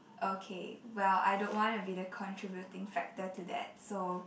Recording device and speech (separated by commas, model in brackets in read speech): boundary microphone, conversation in the same room